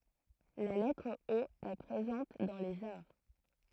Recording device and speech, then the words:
throat microphone, read sentence
La lettre O est présente dans les arts.

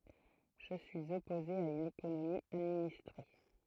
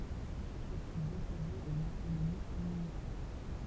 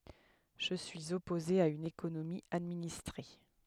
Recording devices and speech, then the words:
throat microphone, temple vibration pickup, headset microphone, read sentence
Je suis opposé à une économie administrée.

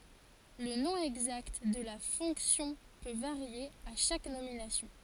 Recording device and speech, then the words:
forehead accelerometer, read sentence
Le nom exact de la fonction peut varier à chaque nomination.

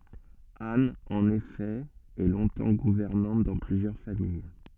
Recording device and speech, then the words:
soft in-ear microphone, read sentence
Anne, en effet, est longtemps gouvernante dans plusieurs familles.

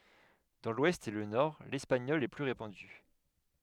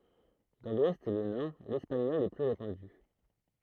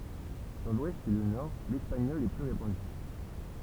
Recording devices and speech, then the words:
headset microphone, throat microphone, temple vibration pickup, read sentence
Dans l'Ouest et le Nord, l'espagnol est plus répandu.

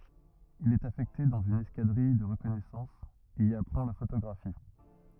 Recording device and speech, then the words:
rigid in-ear microphone, read sentence
Il est affecté dans une escadrille de reconnaissance, et y apprend la photographie.

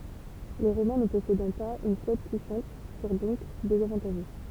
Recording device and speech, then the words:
temple vibration pickup, read sentence
Les Romains ne possédant pas une flotte puissante furent donc désavantagés.

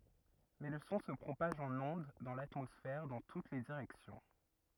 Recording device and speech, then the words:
rigid in-ear microphone, read sentence
Mais le son se propage en ondes dans l'atmosphère dans toutes les directions.

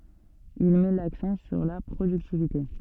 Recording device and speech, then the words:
soft in-ear microphone, read sentence
Il met l’accent sur la productivité.

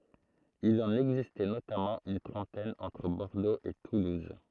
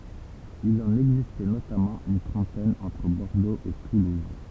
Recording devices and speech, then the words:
throat microphone, temple vibration pickup, read sentence
Il en existait notamment une trentaine entre Bordeaux et toulouse.

